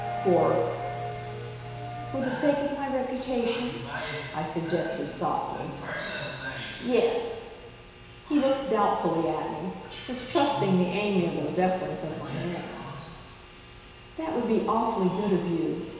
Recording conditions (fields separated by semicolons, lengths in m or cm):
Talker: one person; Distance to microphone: 1.7 m; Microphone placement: close; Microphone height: 1.0 m; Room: very reverberant, large; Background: television